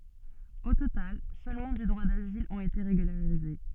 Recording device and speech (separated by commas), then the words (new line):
soft in-ear microphone, read sentence
Au total, seulement du droit d'asile ont été régularisés.